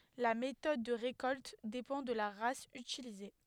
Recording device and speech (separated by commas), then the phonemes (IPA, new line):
headset microphone, read sentence
la metɔd də ʁekɔlt depɑ̃ də la ʁas ytilize